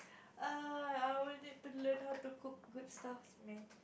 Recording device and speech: boundary microphone, conversation in the same room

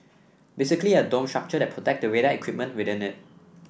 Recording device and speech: boundary microphone (BM630), read sentence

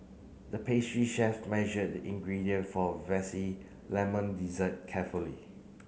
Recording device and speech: mobile phone (Samsung C9), read sentence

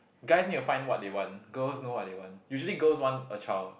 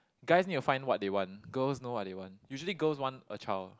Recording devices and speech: boundary microphone, close-talking microphone, conversation in the same room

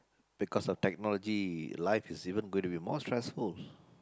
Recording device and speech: close-talking microphone, conversation in the same room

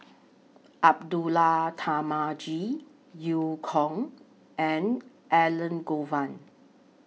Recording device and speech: mobile phone (iPhone 6), read sentence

